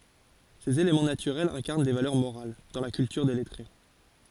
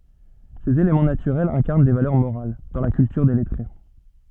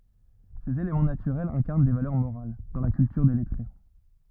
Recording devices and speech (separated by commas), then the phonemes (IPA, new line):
forehead accelerometer, soft in-ear microphone, rigid in-ear microphone, read sentence
sez elemɑ̃ natyʁɛlz ɛ̃kaʁn de valœʁ moʁal dɑ̃ la kyltyʁ de lɛtʁe